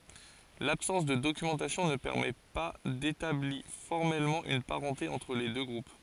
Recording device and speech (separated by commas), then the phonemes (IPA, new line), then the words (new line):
forehead accelerometer, read sentence
labsɑ̃s də dokymɑ̃tasjɔ̃ nə pɛʁmɛ pa detabli fɔʁmɛlmɑ̃ yn paʁɑ̃te ɑ̃tʁ le dø ɡʁup
L'absence de documentation ne permet pas d'établit formellement une parenté entre les deux groupes.